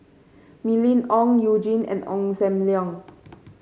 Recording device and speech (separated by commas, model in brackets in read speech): mobile phone (Samsung C5), read sentence